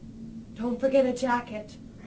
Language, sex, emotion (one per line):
English
female
neutral